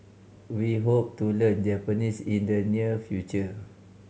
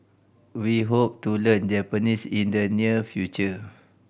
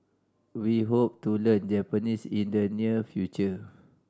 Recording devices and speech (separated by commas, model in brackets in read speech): mobile phone (Samsung C5010), boundary microphone (BM630), standing microphone (AKG C214), read sentence